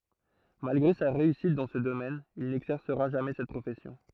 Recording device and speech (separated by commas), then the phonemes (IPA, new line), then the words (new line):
throat microphone, read sentence
malɡʁe sa ʁeysit dɑ̃ sə domɛn il nɛɡzɛʁsəʁa ʒamɛ sɛt pʁofɛsjɔ̃
Malgré sa réussite dans ce domaine, il n’exercera jamais cette profession.